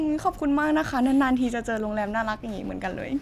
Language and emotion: Thai, happy